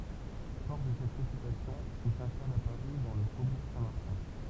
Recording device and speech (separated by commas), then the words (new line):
temple vibration pickup, read sentence
Fort de cette réputation, il s'installe à Paris dans le faubourg Saint-Martin.